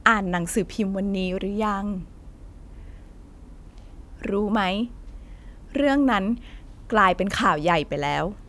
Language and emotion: Thai, frustrated